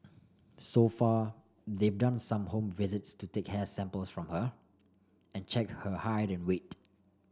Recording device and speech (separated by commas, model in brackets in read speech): standing microphone (AKG C214), read sentence